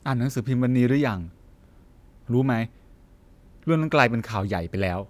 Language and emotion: Thai, neutral